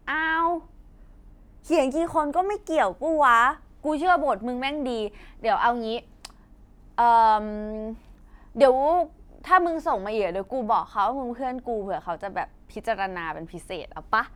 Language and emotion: Thai, happy